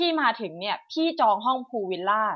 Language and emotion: Thai, angry